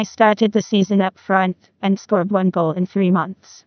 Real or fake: fake